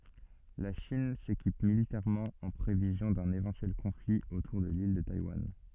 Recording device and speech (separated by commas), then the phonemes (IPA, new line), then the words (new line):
soft in-ear microphone, read sentence
la ʃin sekip militɛʁmɑ̃ ɑ̃ pʁevizjɔ̃ dœ̃n evɑ̃tyɛl kɔ̃fli otuʁ də lil də tajwan
La Chine s'équipe militairement en prévision d'un éventuel conflit autour de l'île de Taïwan.